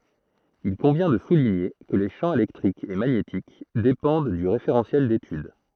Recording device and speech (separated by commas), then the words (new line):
throat microphone, read sentence
Il convient de souligner que les champs électrique et magnétique dépendent du référentiel d'étude.